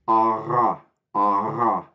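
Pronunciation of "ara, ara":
In 'ara, ara', the r between the vowels is a uvular trill.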